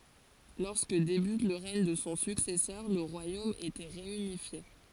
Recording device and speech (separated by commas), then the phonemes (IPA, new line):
forehead accelerometer, read sentence
lɔʁskə debyt lə ʁɛɲ də sɔ̃ syksɛsœʁ lə ʁwajom etɛ ʁeynifje